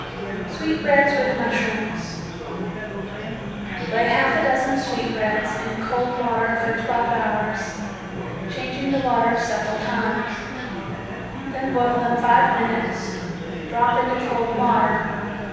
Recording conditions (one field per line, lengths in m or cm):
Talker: one person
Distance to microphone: 7.1 m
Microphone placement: far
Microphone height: 1.7 m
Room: very reverberant, large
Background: babble